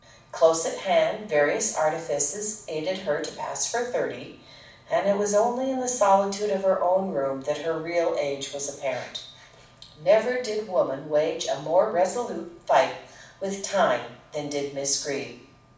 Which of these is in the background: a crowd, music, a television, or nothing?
Nothing.